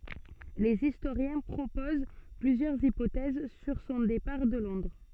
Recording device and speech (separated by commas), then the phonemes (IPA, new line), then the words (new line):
soft in-ear microphone, read sentence
lez istoʁjɛ̃ pʁopoz plyzjœʁz ipotɛz syʁ sɔ̃ depaʁ də lɔ̃dʁ
Les historiens proposent plusieurs hypothèses sur son départ de Londres.